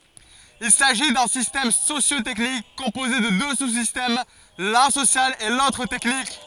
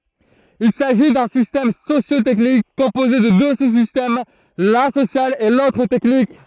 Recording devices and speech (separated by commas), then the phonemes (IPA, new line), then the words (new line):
forehead accelerometer, throat microphone, read sentence
il saʒi dœ̃ sistɛm sosjo tɛknik kɔ̃poze də dø su sistɛm lœ̃ sosjal e lotʁ tɛknik
Il s'agit d'un système socio-technique composé de deux sous-systèmes, l'un social et l'autre technique.